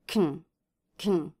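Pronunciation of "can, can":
'Can' is said in a reduced form both times, not as the full word 'can'.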